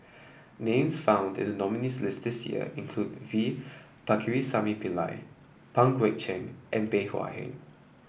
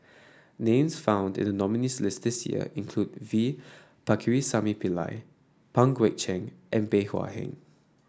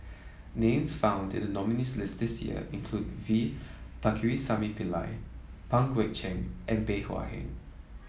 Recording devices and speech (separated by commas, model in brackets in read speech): boundary microphone (BM630), standing microphone (AKG C214), mobile phone (iPhone 7), read sentence